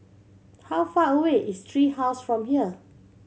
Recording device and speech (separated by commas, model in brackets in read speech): mobile phone (Samsung C7100), read sentence